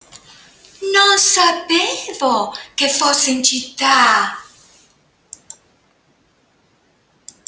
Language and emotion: Italian, surprised